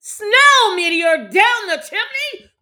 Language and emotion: English, disgusted